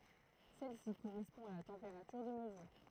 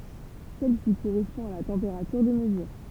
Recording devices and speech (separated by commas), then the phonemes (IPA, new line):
throat microphone, temple vibration pickup, read sentence
sɛl si koʁɛspɔ̃ a la tɑ̃peʁatyʁ də məzyʁ